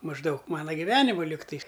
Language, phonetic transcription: Lithuanian, mažˈdaug ˈmana giˈvenimu ˈligtais

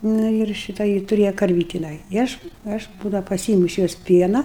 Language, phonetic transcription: Lithuanian, ˈna ir ˈšita ˈji tuˈrėja karˈvyti jiˈnai i ˈaš ˈaš ˈbūdau paˈsiimu iš ˈjos ˈpiena

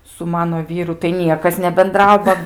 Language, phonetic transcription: Lithuanian, su ˈmano ˈvyru tai ˈniekas nebenˈdrau ˈba

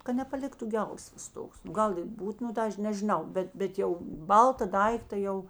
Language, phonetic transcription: Lithuanian, ka nepaˈliktu ˈgelsvas ˈtoks nu ˈgal i ˈbūt nu ˈtā ˈaš nežiˈnau ˈbet ˈbet jau ˈbalta ˈdaikta ˈjau

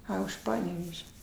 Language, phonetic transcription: Lithuanian, ˈa už ˈpaneveže

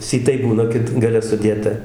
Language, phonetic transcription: Lithuanian, syˈtai ˈbūna ˈkit gaˈle suˈdėta

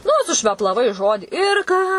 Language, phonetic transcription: Lithuanian, nu sušveplaˈvai ˈžodį ir ˈką

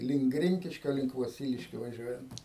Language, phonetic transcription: Lithuanian, link ˈgrinkiškio link voˈsyliškio vaˈžiuojant

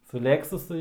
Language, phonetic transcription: Lithuanian, su ˈlėksusu

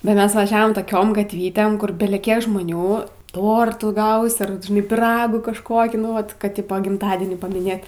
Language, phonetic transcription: Lithuanian, bet ˈmes vaˈžiavom toˈkiom gatˈvytėm ˈkur beleˈkiek žmoˈnių ˈtortų ˈgausi ar vat žiˈnai pyˈragų kažˈkokį nu ˈvat kad ˈtipo gimˈtadienį pamiˈnėt

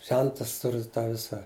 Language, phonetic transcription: Lithuanian, ˈžentas ˈturi ˈtą ˈvisa

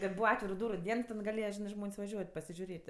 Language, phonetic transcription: Lithuanian, ten ˈbūva ˈatviru ˈdūru ˈdien i ten gaˈlėja ˈžinɜ ˈžmon's' vaˈžiuot' pasižiuˈrėt'

